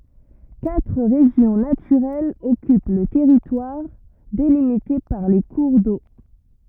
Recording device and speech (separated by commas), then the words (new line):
rigid in-ear microphone, read sentence
Quatre régions naturelles occupent le territoire, délimitées par les cours d’eau.